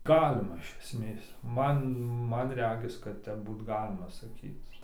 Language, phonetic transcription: Lithuanian, ˈgalima iš esˈmės ˈman ˈman ˈregis kad ˈtep ˈbūt ˈgalima saˈkyc

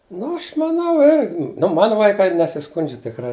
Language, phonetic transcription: Lithuanian, ˈnu ˈaš maˈnau ir nu ˈmanu vaiˈkai nesiˈskundžia tikˈrai

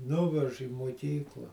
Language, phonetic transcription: Lithuanian, ˈnuvež į muoˈkykla

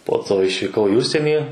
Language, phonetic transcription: Lithuanian, po ˈto išvyˈkau į ˈužsienį

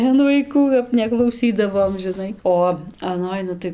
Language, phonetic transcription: Lithuanian, an vaiˈkų kap neklauˈsydavom žiˈnai ˈo aˈnoj ˈnu tai

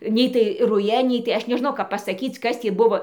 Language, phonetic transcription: Lithuanian, ˈnei tai ˈruja ˈnei tai ˈaš neˈžnau kap ˌpasaˈkyc ˈkas tį ˈbuvo

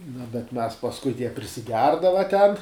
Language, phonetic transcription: Lithuanian, nu bet mes pasˈkui jie prisiˈgerdava ten

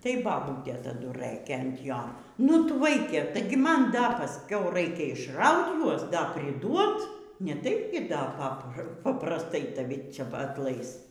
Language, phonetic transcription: Lithuanian, tai baˈbūtė taˈdu ˈrɘkė ant ˈjo nu ˈtu ˈvaike tai gi ˈman da paˈskiau ˈraikia išˈraut ˈjuos ˈda priˈduot neˈtaip gi ˈda ˈpapra paprasˈtai taˈvi ˈcia atˈlais

